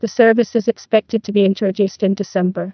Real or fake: fake